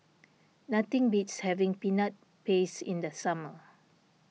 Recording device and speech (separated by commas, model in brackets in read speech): mobile phone (iPhone 6), read sentence